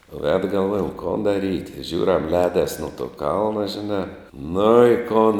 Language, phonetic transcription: Lithuanian, ved galˈvojam kon daˈryt' ˈžiūriam ˈlēdas nu to ˈkalna žiˈnā ˈnu i ˈkun

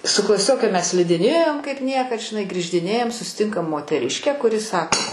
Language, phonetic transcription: Lithuanian, su klaˈsioke ˈmes slidiˈnėjom kaip ˈniekad žiˈnai grįždiˈnėjam susiˈtinkam moteˈriškę kuˈri ˈsako

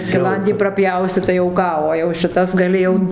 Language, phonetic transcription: Lithuanian, skiˈlandį praˈpjausi tai jau ˈką o jau šiˈtas gaˈli jau

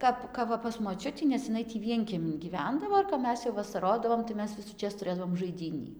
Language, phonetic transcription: Lithuanian, ˈkap ˈkap va pas moˈčiutį nes jiˈnai tį ˈvienkiemin gyˈvendavo ir kap ˈmes jau vasaˈrodavom tai ˈmes visųˈčės tuˈrėdavom žaiˈdynį

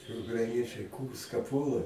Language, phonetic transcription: Lithuanian, ukraiˈniečiai ˈkūrska ˈpuola

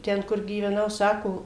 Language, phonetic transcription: Lithuanian, ˈten kur gyveˈnau ˈsako

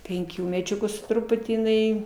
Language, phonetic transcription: Lithuanian, ˈpenkių meˈčiukų su ˈtruputį jiˈnai

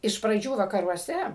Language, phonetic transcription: Lithuanian, iš praˈdžių vakaruoˈse

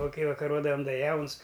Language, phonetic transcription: Lithuanian, ˈva ˈkai vakaˈrodam ˈda ˈjauns

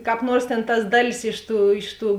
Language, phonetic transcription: Lithuanian, kāp ˈnuors tėn tas ˈdaˌlis ˈiš ˌtų ˈiš ˌtų

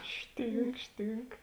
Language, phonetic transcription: Lithuanian, ˈštynk ˈštynk

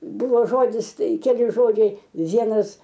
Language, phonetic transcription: Lithuanian, ˈbuvo ˈžodis ˈtai keˈli ˈžodžiai ˈvienas

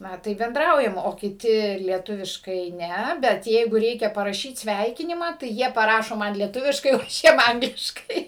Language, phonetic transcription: Lithuanian, ˈna ˈtaip benˈdraujam o kiˈti lieˈtuviškai ˈne ˈbet ˈjeigu ˈreikia paraˈšyt ˈsveikinimą tai ˈjie paˈrašo ˈman lieˈtuviškai o ˈaš ˈjiem ˈangliškai

